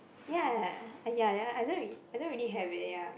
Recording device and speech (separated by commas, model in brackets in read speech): boundary microphone, conversation in the same room